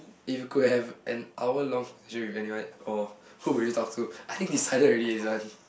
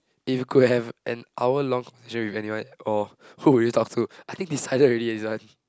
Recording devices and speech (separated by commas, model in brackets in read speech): boundary microphone, close-talking microphone, conversation in the same room